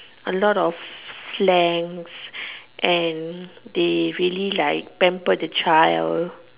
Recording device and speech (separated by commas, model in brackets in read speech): telephone, conversation in separate rooms